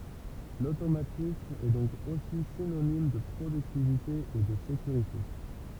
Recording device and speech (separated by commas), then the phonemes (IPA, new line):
temple vibration pickup, read sentence
lotomatism ɛ dɔ̃k osi sinonim də pʁodyktivite e də sekyʁite